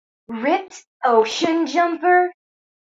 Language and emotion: English, disgusted